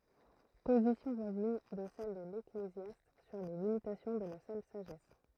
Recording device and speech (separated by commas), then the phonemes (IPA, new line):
throat microphone, read sentence
pozisjɔ̃ vwazin də sɛl də leklezjast syʁ le limitasjɔ̃ də la sœl saʒɛs